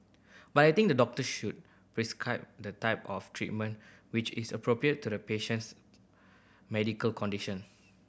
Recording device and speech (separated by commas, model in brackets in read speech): boundary microphone (BM630), read sentence